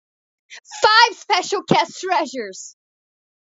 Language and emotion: English, sad